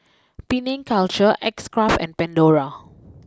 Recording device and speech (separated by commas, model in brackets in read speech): close-talking microphone (WH20), read sentence